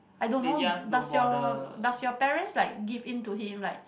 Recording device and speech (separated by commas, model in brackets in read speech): boundary microphone, conversation in the same room